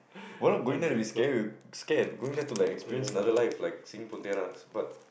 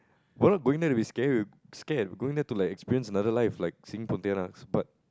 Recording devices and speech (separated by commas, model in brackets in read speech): boundary microphone, close-talking microphone, conversation in the same room